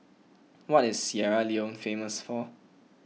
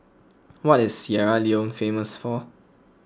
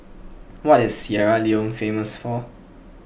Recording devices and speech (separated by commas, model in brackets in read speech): mobile phone (iPhone 6), close-talking microphone (WH20), boundary microphone (BM630), read sentence